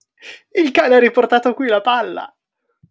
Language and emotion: Italian, happy